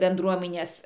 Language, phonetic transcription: Lithuanian, benˈdruominės

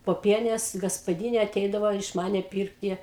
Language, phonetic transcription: Lithuanian, poˈpienės gaspaˈdynė aˈteidavo iš ˈmane ˈpyrkti

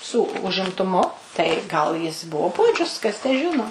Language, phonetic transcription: Lithuanian, ˈsū užimtuˈmu tai ˈgal jis ˈbuo ˈpuodžius kas tę ˈžino

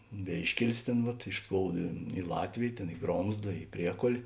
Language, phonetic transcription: Lithuanian, ˈvėiškelis ˈtėn vat iš ˈskouda i ˈlatvėj ˈtėn i ˈgromzda i ˈpriekol'

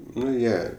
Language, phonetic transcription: Lithuanian, ˈnu ˈjie

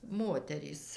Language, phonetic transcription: Lithuanian, ˈmoterys

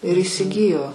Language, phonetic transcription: Lithuanian, ir įsiˈgijo

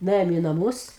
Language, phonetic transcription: Lithuanian, nuˈėjom į naˈmūs

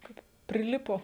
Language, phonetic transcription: Lithuanian, ˈkaip priˈlipo

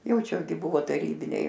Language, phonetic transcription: Lithuanian, ˈjau ˈčia gi ˈbuvo taˈrybiniai

